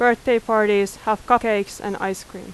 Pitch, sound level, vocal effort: 215 Hz, 89 dB SPL, very loud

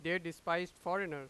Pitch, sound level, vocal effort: 170 Hz, 98 dB SPL, very loud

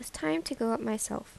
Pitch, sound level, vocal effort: 225 Hz, 78 dB SPL, soft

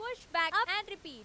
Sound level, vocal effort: 101 dB SPL, very loud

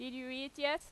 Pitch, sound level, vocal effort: 270 Hz, 91 dB SPL, loud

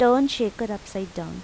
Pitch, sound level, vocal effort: 215 Hz, 86 dB SPL, normal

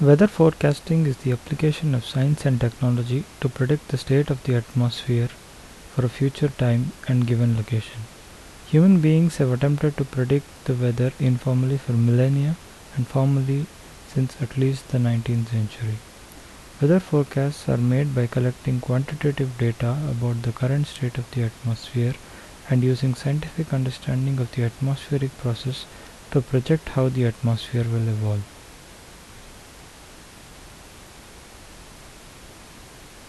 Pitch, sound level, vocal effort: 130 Hz, 73 dB SPL, normal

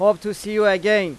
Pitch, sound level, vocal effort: 210 Hz, 98 dB SPL, loud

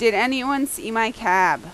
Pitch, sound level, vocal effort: 225 Hz, 91 dB SPL, very loud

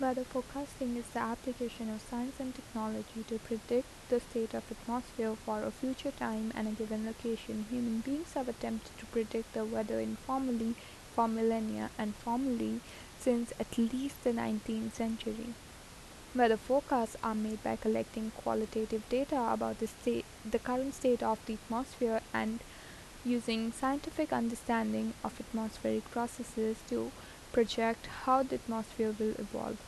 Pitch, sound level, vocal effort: 230 Hz, 78 dB SPL, soft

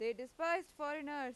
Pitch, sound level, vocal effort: 290 Hz, 96 dB SPL, very loud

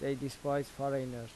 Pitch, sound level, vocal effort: 140 Hz, 84 dB SPL, normal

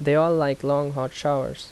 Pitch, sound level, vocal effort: 145 Hz, 82 dB SPL, normal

